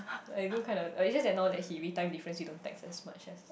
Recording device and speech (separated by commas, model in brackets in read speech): boundary microphone, conversation in the same room